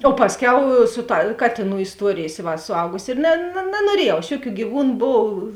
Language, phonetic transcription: Lithuanian, o ˈpasˌkiau ˈsu ˌta ˈkatėˌnų isˈtuorėjės ˈi va suˈaugusi ir na na nanuoˈriejau aš ˈjuˌkių gyˈvūnu ˈbov

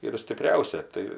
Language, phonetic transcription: Lithuanian, ir stiˈpriausia ˈtai

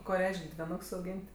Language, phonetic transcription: Lithuanian, ˈko ˈreiš'k' dviˈnoks auˈgyn't'

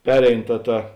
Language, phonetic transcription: Lithuanian, ˈperein ˈta ˈta

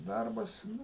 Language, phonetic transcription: Lithuanian, ˈdarbas ˈnu

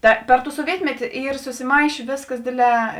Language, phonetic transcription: Lithuanian, ta ˈper ˌtų suoˈvietmeti ˈyr susiˈmaišė ˈvėsˌkas ˈdėdˌlē

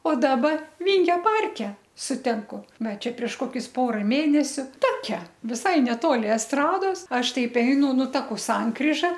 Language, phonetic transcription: Lithuanian, o ˈdaba ˈvyngio ˈparke suˈtinku ˈva ˈčia prieš ˈkokius ˈpora ˈmėnesiu ˈtokia viˈsai neˈtoli esˈtrados ˈaš ˈteip ˈeinu ˈnu ˈtaku ˈsankryža

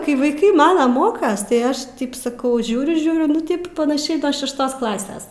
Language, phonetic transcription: Lithuanian, kai vaiˈkai ˈmana ˈmokas tai ˈaš tip saˈkau ˈžiūriu ˈžiūriu nu ˈtaip panaˈšiai no šešˈtos ˈklases

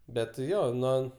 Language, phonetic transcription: Lithuanian, ˈbet ˈjo ˈnuo

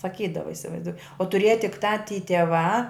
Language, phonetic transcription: Lithuanian, saˈkydava isivaizˈduo o tuˈrėja tik ˈtą ty teˈvā

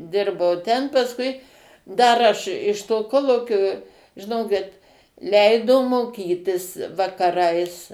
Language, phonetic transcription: Lithuanian, ˈdirbau ten pasˈkui ˈdar aš iš to ˈkolūkio žiˈnokit ˈleido moˈkytis vakaˈrais

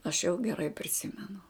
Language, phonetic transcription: Lithuanian, aš jau geˈrai priˈsimenu

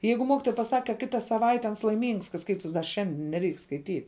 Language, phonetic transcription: Lithuanian, ˈjeigu ˈmokitoja paˈsak ka ˈkita saˈvaite ans laiˈmyngs ka ˈskaitus da ˈšiandin neˈreik skaiˈtyt

